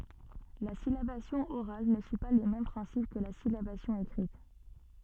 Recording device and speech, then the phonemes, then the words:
soft in-ear microphone, read sentence
la silabasjɔ̃ oʁal nə syi pa le mɛm pʁɛ̃sip kə la silabasjɔ̃ ekʁit
La syllabation orale ne suit pas les mêmes principes que la syllabation écrite.

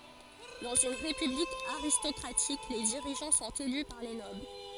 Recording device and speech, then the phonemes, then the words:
forehead accelerometer, read sentence
dɑ̃z yn ʁepyblik aʁistɔkʁatik le diʁiʒɑ̃ sɔ̃t ely paʁ le nɔbl
Dans une république aristocratique, les dirigeants sont élus par les nobles.

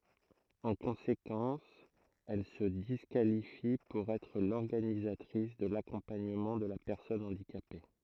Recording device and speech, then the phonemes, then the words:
throat microphone, read sentence
ɑ̃ kɔ̃sekɑ̃s ɛl sə diskalifi puʁ ɛtʁ lɔʁɡanizatʁis də lakɔ̃paɲəmɑ̃ də la pɛʁsɔn ɑ̃dikape
En conséquence, elle se disqualifie pour être l'organisatrice de l'accompagnement de la personne handicapée.

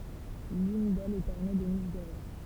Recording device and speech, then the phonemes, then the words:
temple vibration pickup, read sentence
lyn dɛlz ɛt ɔʁne də niʃ doʁe
L'une d'elles est ornée de niches dorées.

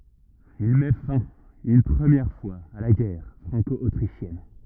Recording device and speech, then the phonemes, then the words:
rigid in-ear microphone, read sentence
il mɛ fɛ̃ yn pʁəmjɛʁ fwaz a la ɡɛʁ fʁɑ̃kɔotʁiʃjɛn
Il met fin une première fois à la guerre franco-autrichienne.

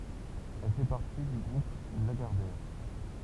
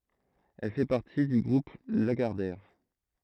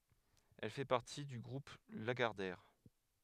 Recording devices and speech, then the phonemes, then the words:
temple vibration pickup, throat microphone, headset microphone, read sentence
ɛl fɛ paʁti dy ɡʁup laɡaʁdɛʁ
Elle fait partie du groupe Lagardère.

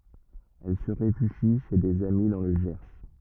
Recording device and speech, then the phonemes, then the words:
rigid in-ear microphone, read sentence
ɛl sə ʁefyʒi ʃe dez ami dɑ̃ lə ʒɛʁ
Elle se réfugie chez des amis dans le Gers.

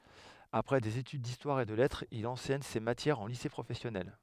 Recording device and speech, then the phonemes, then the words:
headset microphone, read sentence
apʁɛ dez etyd distwaʁ e də lɛtʁz il ɑ̃sɛɲ se matjɛʁz ɑ̃ lise pʁofɛsjɔnɛl
Après des études d'histoire et de lettres, il enseigne ces matières en lycée professionnel.

